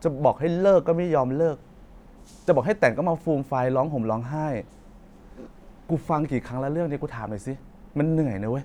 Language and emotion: Thai, frustrated